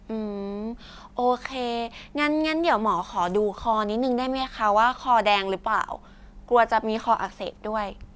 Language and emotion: Thai, neutral